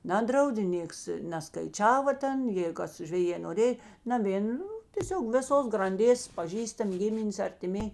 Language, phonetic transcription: Lithuanian, ˈnadraudė ˈnėks neˈskaičiava ˈten jėi ˈkas žveˈjė noˈrėj naˈvėn ˈnu tėˈsiog vėˈsos granˈdės paˈžįstam' ˈgiminės artiˈmėj

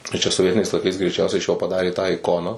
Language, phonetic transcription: Lithuanian, tai ˈčia soˈvietiniais laiˈkais greiˈčiausiai iš jo paˈdarė tą iˈkoną

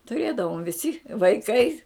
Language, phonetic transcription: Lithuanian, tuˈrėdavom viˈsi vaiˈkai

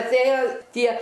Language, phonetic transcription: Lithuanian, atˈėjo ˈtie

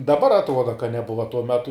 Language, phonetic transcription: Lithuanian, daˈbar atˈruoda ka neˈbuva tuo ˈmetu

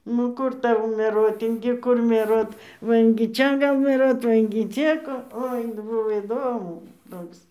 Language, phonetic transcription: Lithuanian, nu ˈkur ˈtau meˈruot ingi ˈkur mieˈruot ˈva ingi ˈčia ˈgal mieˈruot ˈva ingi ˈčia ko ˈoi ˈbuvo įˈdomu ˈtoks

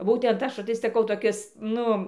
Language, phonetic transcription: Lithuanian, ˈbūtent ˈaš tai saˈkau toˈkis ˈnu

